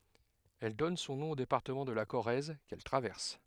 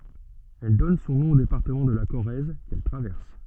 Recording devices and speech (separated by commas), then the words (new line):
headset microphone, soft in-ear microphone, read sentence
Elle donne son nom au département de la Corrèze qu'elle traverse.